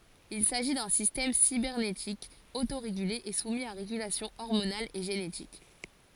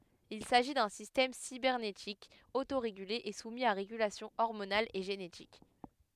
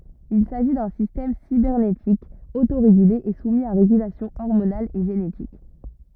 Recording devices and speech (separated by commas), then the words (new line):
forehead accelerometer, headset microphone, rigid in-ear microphone, read sentence
Il s'agit d'un système cybernétique autorégulé et soumis à régulation hormonale et génétique.